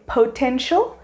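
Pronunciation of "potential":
'Potential' is pronounced incorrectly here.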